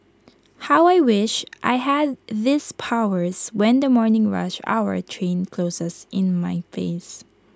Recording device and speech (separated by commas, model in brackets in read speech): close-talking microphone (WH20), read sentence